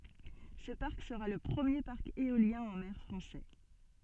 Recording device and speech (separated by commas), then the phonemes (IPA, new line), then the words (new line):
soft in-ear microphone, read sentence
sə paʁk səʁa lə pʁəmje paʁk eoljɛ̃ ɑ̃ mɛʁ fʁɑ̃sɛ
Ce parc sera le premier parc éolien en mer français.